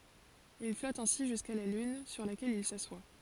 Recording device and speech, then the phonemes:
forehead accelerometer, read sentence
il flɔt ɛ̃si ʒyska la lyn syʁ lakɛl il saswa

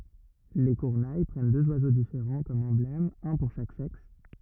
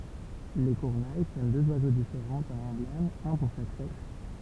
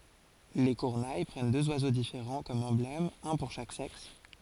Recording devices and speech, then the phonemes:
rigid in-ear microphone, temple vibration pickup, forehead accelerometer, read sentence
le kyʁne pʁɛn døz wazo difeʁɑ̃ kɔm ɑ̃blɛmz œ̃ puʁ ʃak sɛks

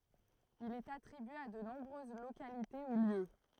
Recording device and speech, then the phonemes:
throat microphone, read sentence
il ɛt atʁibye a də nɔ̃bʁøz lokalite u ljø

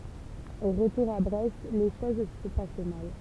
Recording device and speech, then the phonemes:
temple vibration pickup, read sentence
o ʁətuʁ a bʁɛst le ʃoz sə pas mal

